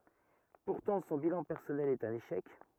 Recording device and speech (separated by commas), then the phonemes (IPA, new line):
rigid in-ear microphone, read sentence
puʁtɑ̃ sɔ̃ bilɑ̃ pɛʁsɔnɛl ɛt œ̃n eʃɛk